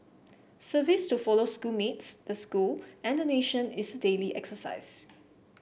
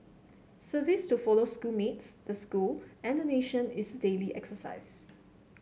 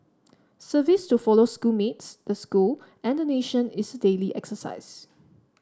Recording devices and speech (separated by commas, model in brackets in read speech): boundary microphone (BM630), mobile phone (Samsung C7), standing microphone (AKG C214), read sentence